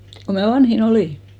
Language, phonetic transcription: Finnish, ko mä 'vanhi'n ‿olì .
- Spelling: kun minä vanhin olin

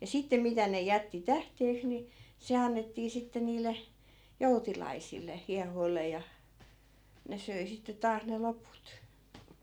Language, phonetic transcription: Finnish, ja 'sitte 'mitä ne 'jätti "tähteeks ni , 'se annettii 'sitte niil̆le , 'joutilaisil̆le , 'hiahoille ja , 'ne söi sitte 'taas ne "loput .
- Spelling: ja sitten mitä ne jätti tähteeksi niin se annettiin sitten niille joutilaisille hiehoille ja ne söi sitten taas ne loput

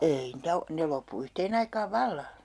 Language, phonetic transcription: Finnish, "ei niitä 'o , 'ne loppu 'yhteen ‿aikaav "valla .
- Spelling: ei niitä ole ne loppui yhteen aikaan vallan

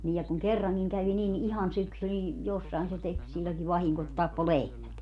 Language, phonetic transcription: Finnish, nii ja kuŋ "kerraŋkiŋ 'kävi nin "ihan 'syksy nin , 'jossai̮n se tek , siĺĺoŋki 'vahiŋko et 'tappo "lehmät .
- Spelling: niin ja kun kerrankin kävi niin ihan syksy niin jossakin se teki silloinkin vahinko että tappoi lehmät

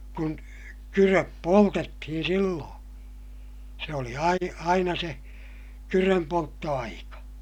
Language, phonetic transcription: Finnish, kun , kyröp poltettihin silloo̰ , se oli ai- , aina se , kyrömpoltto₍aika .
- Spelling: kun kydöt poltettiin silloin se oli - aina se kydönpolttoaika

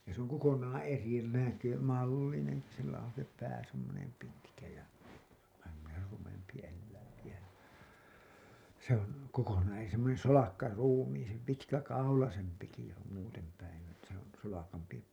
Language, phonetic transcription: Finnish, ja s ‿oŋ 'kokonaaa̰ 'eri 'näkö- , 'mallineŋki sillä on̬ se 'pää semmonem 'pitkä ja , vähä semmoner 'rumempi elläiŋki jä , se ‿oŋ kokonaan e- , semmonen "solakkaruumiisem- , 'pitkäkaulasempiki se ‿om muutem päin ‿ettÄ , s ‿on 'solakampi .
- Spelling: ja se on kokonaan eri - mallinenkin sillä on se pää semmoinen pitkä ja vähän semmoinen rumempi eläinkin ja se on kokonaan - semmoinen solakkaruumiisempi pitkäkaulaisempikin se on muuten päin että se on solakampi

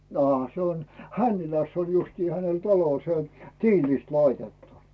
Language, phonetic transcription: Finnish, aa , 'se on , "Hänniläss ‿on justii 'hänel "talo se on "tiilìst 'laitettu .
- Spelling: aa se on Hännilässä on justiin hänellä talo se on tiilistä laitettu

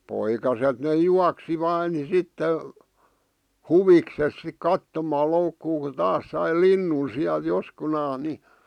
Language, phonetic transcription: Finnish, 'poikaset ne "juaksi vaa ni 'sitte , "huvikses sik "kattomaa 'loukkuu ku 'taas sai "linnun siäl 'joskunaaˢ ni ,.
- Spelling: poikaset ne juoksi vain niin sitten huvikseen sitten katsomaan loukkua kun taas sai linnun siellä joskunansa niin

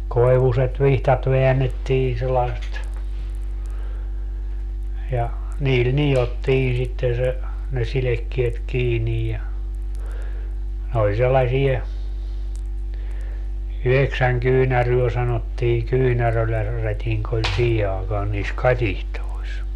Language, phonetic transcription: Finnish, 'koi̮vuset "vihtat 'veännettiin̬ sellaᵉst , ja , 'niil "nijottii sitten̬ se , ne 'silekkiet 'kiinij ja , ne ‿oĺ sellasie , "yheksäŋ 'kyynäryö sanottii "kyynärölä- , '-rätiŋk ‿oĺ "siihe 'aekaan niis "katihtois .
- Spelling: koivuiset vihdat väännettiin sellaiset ja niillä nidottiin sitten se ne sidekkeet kiinni ja ne oli sellaisia yhdeksän kyynärää sanottiin - kyynärärätinki oli siihen aikaan niissä katitsoissa

